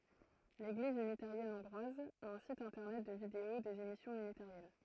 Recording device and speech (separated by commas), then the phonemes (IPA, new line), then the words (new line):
throat microphone, read sentence
leɡliz ynitaʁjɛn ɔ̃ɡʁwaz a œ̃ sit ɛ̃tɛʁnɛt də video dez emisjɔ̃z ynitaʁjɛn
L'Église unitarienne hongroise a un site internet de vidéos des émissions unitariennes.